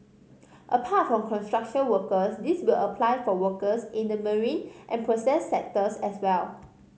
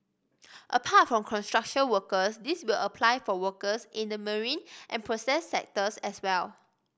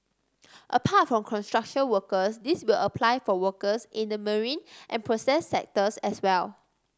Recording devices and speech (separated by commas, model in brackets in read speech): mobile phone (Samsung C5010), boundary microphone (BM630), standing microphone (AKG C214), read sentence